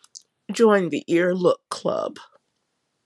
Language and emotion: English, sad